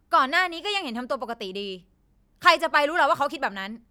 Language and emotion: Thai, angry